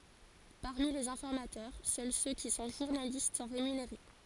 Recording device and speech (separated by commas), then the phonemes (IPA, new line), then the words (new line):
forehead accelerometer, read sentence
paʁmi lez ɛ̃fɔʁmatœʁ sœl sø ki sɔ̃ ʒuʁnalist sɔ̃ ʁemyneʁe
Parmi les informateurs, seuls ceux qui sont journalistes sont rémunérés.